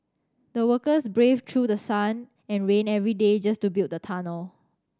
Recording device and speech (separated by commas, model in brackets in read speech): standing microphone (AKG C214), read sentence